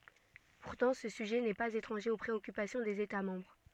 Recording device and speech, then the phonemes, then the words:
soft in-ear microphone, read sentence
puʁtɑ̃ sə syʒɛ nɛ paz etʁɑ̃ʒe o pʁeɔkypasjɔ̃ dez eta mɑ̃bʁ
Pourtant, ce sujet n'est pas étranger aux préoccupations des États membres.

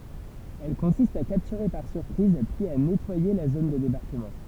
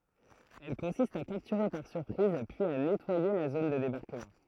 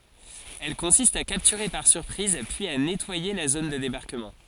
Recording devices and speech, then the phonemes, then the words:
temple vibration pickup, throat microphone, forehead accelerometer, read sentence
ɛl kɔ̃sist a kaptyʁe paʁ syʁpʁiz pyiz a nɛtwaje la zon də debaʁkəmɑ̃
Elle consiste à capturer par surprise puis à nettoyer la zone de débarquement.

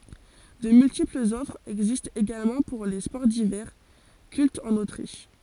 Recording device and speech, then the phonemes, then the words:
forehead accelerometer, read sentence
də myltiplz ɔfʁz ɛɡzistt eɡalmɑ̃ puʁ le spɔʁ divɛʁ kyltz ɑ̃n otʁiʃ
De multiples offres existent également pour les sports d'hiver, cultes en Autriche.

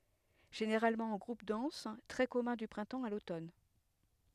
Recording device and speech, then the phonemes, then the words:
headset microphone, read sentence
ʒeneʁalmɑ̃ ɑ̃ ɡʁup dɑ̃s tʁɛ kɔmœ̃ dy pʁɛ̃tɑ̃ a lotɔn
Généralement en groupes denses, très commun du printemps à l'automne.

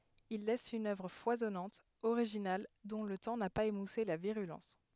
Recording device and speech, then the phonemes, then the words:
headset microphone, read sentence
il lɛs yn œvʁ fwazɔnɑ̃t oʁiʒinal dɔ̃ lə tɑ̃ na paz emuse la viʁylɑ̃s
Il laisse une œuvre foisonnante, originale, dont le temps n'a pas émoussé la virulence.

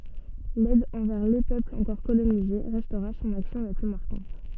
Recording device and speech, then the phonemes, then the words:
soft in-ear microphone, read sentence
lɛd ɑ̃vɛʁ le pøplz ɑ̃kɔʁ kolonize ʁɛstʁa sɔ̃n aksjɔ̃ la ply maʁkɑ̃t
L’aide envers les peuples encore colonisés restera son action la plus marquante.

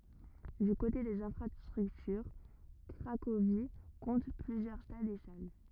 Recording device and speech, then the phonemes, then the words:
rigid in-ear microphone, read sentence
dy kote dez ɛ̃fʁastʁyktyʁ kʁakovi kɔ̃t plyzjœʁ stadz e sal
Du côté des infrastructures, Cracovie compte plusieurs stades et salles.

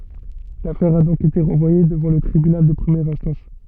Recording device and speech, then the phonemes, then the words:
soft in-ear microphone, read sentence
lafɛʁ a dɔ̃k ete ʁɑ̃vwaje dəvɑ̃ lə tʁibynal də pʁəmjɛʁ ɛ̃stɑ̃s
L'affaire a donc été renvoyée devant le tribunal de première instance.

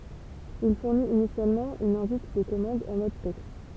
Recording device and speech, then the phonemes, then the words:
temple vibration pickup, read sentence
il fuʁnit inisjalmɑ̃ yn ɛ̃vit də kɔmɑ̃d ɑ̃ mɔd tɛkst
Il fournit initialement une invite de commande en mode texte.

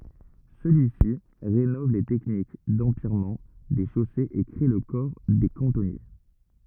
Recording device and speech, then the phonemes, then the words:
rigid in-ear microphone, read sentence
səlyi si ʁenɔv le tɛknik dɑ̃pjɛʁmɑ̃ de ʃosez e kʁe lə kɔʁ de kɑ̃tɔnje
Celui-ci rénove les techniques d'empierrement des chaussées et crée le corps des cantonniers.

